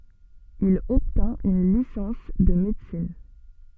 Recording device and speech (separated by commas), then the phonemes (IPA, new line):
soft in-ear microphone, read sentence
il ɔbtɛ̃t yn lisɑ̃s də medəsin